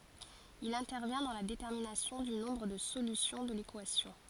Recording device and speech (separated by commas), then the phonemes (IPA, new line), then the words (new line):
forehead accelerometer, read sentence
il ɛ̃tɛʁvjɛ̃ dɑ̃ la detɛʁminasjɔ̃ dy nɔ̃bʁ də solysjɔ̃ də lekwasjɔ̃
Il intervient dans la détermination du nombre de solutions de l'équation.